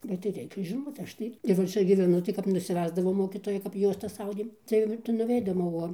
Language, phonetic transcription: Lithuanian, bet tai ˈreikia žiˈnot ˈaš tai ir va ˈčia gyveˈnu tai kaip nusiˈvesdavo ˈmokytojai kap ˈjuostas ˈaudėm ˈtai tai nuˈveidom o ˈo

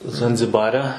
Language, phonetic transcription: Lithuanian, zanziˈbare

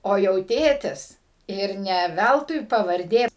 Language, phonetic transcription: Lithuanian, o jau ˈtėtis ir ˈne ˈvæltui pavarˈdė

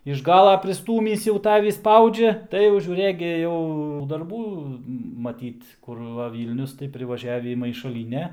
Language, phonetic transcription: Lithuanian, iš ˈgala priˈstūmįs jau ˈtavį ˈspaudžia ˈtai jau žiūˈrɘk gi jau darˈbų maˈtyt kur ˈva ˈvylnius tai privaˈžiavį maišaˈlyne

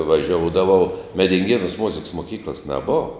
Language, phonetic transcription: Lithuanian, vaˈžioudavau medinˈgėnūs ˈmuziks muˈkyklas neˈbova

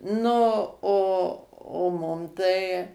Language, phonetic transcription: Lithuanian, ˈnu o o ˈmum tai

